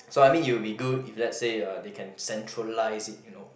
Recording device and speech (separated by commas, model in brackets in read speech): boundary microphone, conversation in the same room